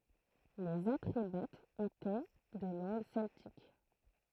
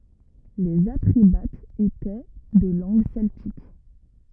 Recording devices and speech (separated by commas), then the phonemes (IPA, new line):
throat microphone, rigid in-ear microphone, read sentence
lez atʁebatz etɛ də lɑ̃ɡ sɛltik